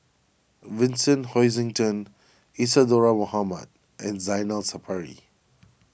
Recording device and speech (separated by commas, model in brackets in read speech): boundary microphone (BM630), read sentence